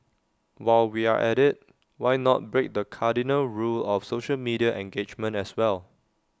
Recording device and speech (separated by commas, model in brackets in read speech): standing microphone (AKG C214), read sentence